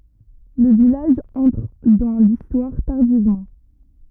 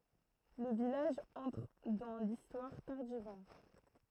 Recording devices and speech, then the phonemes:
rigid in-ear microphone, throat microphone, read sentence
lə vilaʒ ɑ̃tʁ dɑ̃ listwaʁ taʁdivmɑ̃

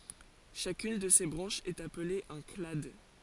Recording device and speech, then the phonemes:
forehead accelerometer, read sentence
ʃakyn də se bʁɑ̃ʃz ɛt aple œ̃ klad

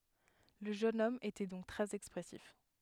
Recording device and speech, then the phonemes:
headset microphone, read sentence
lə ʒøn ɔm etɛ dɔ̃k tʁɛz ɛkspʁɛsif

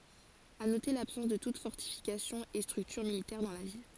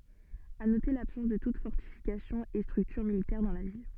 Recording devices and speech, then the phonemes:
forehead accelerometer, soft in-ear microphone, read sentence
a note labsɑ̃s də tut fɔʁtifikasjɔ̃ e stʁyktyʁ militɛʁ dɑ̃ la vil

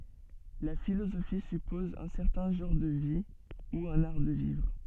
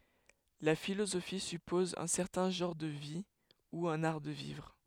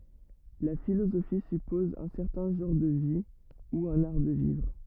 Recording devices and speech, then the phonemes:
soft in-ear microphone, headset microphone, rigid in-ear microphone, read sentence
la filozofi sypɔz œ̃ sɛʁtɛ̃ ʒɑ̃ʁ də vi u œ̃n aʁ də vivʁ

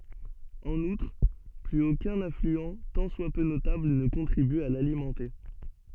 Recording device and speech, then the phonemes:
soft in-ear microphone, read sentence
ɑ̃n utʁ plyz okœ̃n aflyɑ̃ tɑ̃ swa pø notabl nə kɔ̃tʁiby a lalimɑ̃te

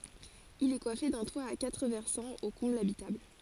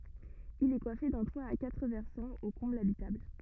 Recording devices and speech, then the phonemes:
forehead accelerometer, rigid in-ear microphone, read sentence
il ɛ kwafe dœ̃ twa a katʁ vɛʁsɑ̃z o kɔ̃blz abitabl

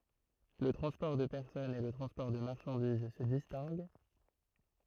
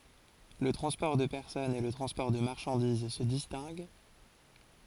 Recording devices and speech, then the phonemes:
throat microphone, forehead accelerometer, read sentence
lə tʁɑ̃spɔʁ də pɛʁsɔnz e lə tʁɑ̃spɔʁ də maʁʃɑ̃diz sə distɛ̃ɡ

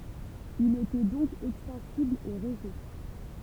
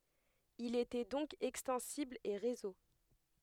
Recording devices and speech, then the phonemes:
temple vibration pickup, headset microphone, read sentence
il etɛ dɔ̃k ɛkstɑ̃sibl e ʁezo

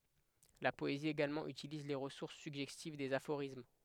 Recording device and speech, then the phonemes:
headset microphone, read sentence
la pɔezi eɡalmɑ̃ ytiliz le ʁəsuʁs syɡʒɛstiv dez afoʁism

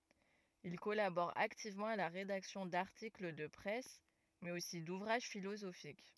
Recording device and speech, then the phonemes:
rigid in-ear microphone, read sentence
il kɔlabɔʁ aktivmɑ̃ a la ʁedaksjɔ̃ daʁtikl də pʁɛs mɛz osi duvʁaʒ filozofik

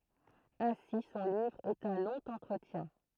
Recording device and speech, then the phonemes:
throat microphone, read sentence
ɛ̃si sɔ̃ livʁ ɛt œ̃ lɔ̃ ɑ̃tʁətjɛ̃

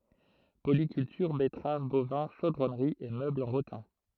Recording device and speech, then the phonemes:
throat microphone, read sentence
polikyltyʁ bɛtʁav bovɛ̃ ʃodʁɔnʁi e møblz ɑ̃ ʁotɛ̃

